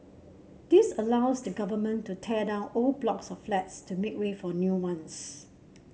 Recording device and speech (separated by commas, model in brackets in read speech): mobile phone (Samsung C7), read sentence